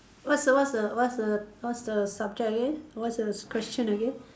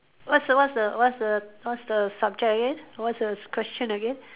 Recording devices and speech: standing microphone, telephone, conversation in separate rooms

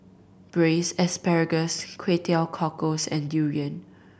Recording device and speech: boundary microphone (BM630), read sentence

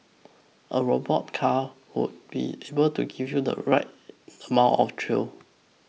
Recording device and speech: mobile phone (iPhone 6), read sentence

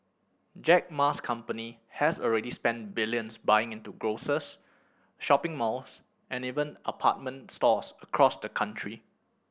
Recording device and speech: boundary microphone (BM630), read sentence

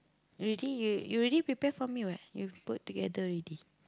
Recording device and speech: close-talking microphone, conversation in the same room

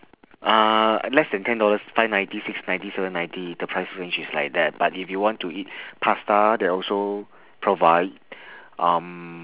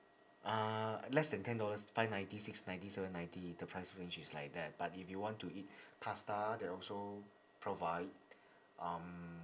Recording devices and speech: telephone, standing microphone, conversation in separate rooms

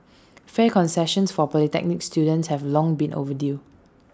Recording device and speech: standing microphone (AKG C214), read sentence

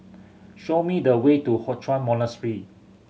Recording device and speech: mobile phone (Samsung C7100), read sentence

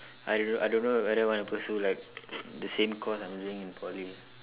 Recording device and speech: telephone, conversation in separate rooms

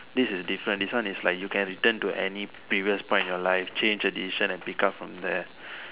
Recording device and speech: telephone, conversation in separate rooms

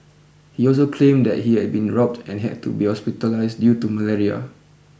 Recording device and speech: boundary microphone (BM630), read sentence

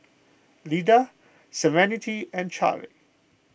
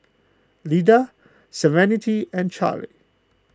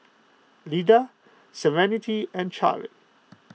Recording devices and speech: boundary microphone (BM630), close-talking microphone (WH20), mobile phone (iPhone 6), read sentence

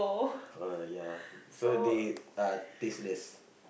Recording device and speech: boundary microphone, conversation in the same room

